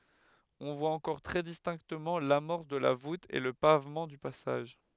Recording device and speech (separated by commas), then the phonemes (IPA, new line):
headset microphone, read sentence
ɔ̃ vwa ɑ̃kɔʁ tʁɛ distɛ̃ktəmɑ̃ lamɔʁs də la vut e lə pavmɑ̃ dy pasaʒ